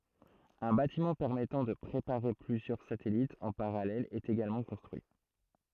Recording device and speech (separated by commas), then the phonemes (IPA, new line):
throat microphone, read sentence
œ̃ batimɑ̃ pɛʁmɛtɑ̃ də pʁepaʁe plyzjœʁ satɛlitz ɑ̃ paʁalɛl ɛt eɡalmɑ̃ kɔ̃stʁyi